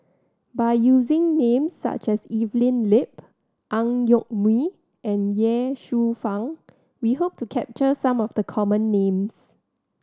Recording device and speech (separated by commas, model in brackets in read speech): standing microphone (AKG C214), read sentence